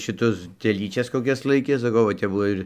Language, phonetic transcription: Lithuanian, šiˈtus teˈlyčias koˈkias ˈlaikė saˈkau va ˈtep ˈbuvo ir

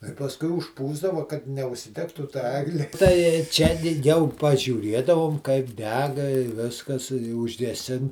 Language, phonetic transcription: Lithuanian, tai pasˈkui užˈpūsdava kad neužsiˈdegtų ta ˈegli tai ˈčia di ˈjau pažiūˈriedavom kaip ˈdega i ˈviskas i užgeˈsin

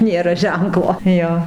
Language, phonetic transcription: Lithuanian, ˈnėra ˈženklo ˈjo

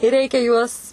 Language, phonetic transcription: Lithuanian, ir ˈreikia juos

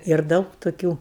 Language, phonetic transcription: Lithuanian, ir ˈdaug toˈkių

